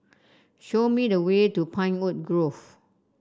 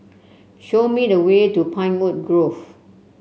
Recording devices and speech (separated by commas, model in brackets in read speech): standing microphone (AKG C214), mobile phone (Samsung C7), read sentence